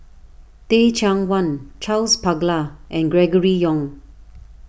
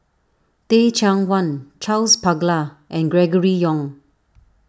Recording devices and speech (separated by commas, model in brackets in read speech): boundary microphone (BM630), standing microphone (AKG C214), read sentence